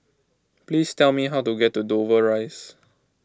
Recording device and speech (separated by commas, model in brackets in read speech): close-talking microphone (WH20), read sentence